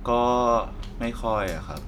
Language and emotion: Thai, frustrated